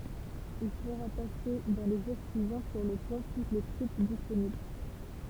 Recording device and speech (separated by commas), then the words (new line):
temple vibration pickup, read sentence
Il fera passer dans les jours suivants sur le pont toutes ses troupes disponibles.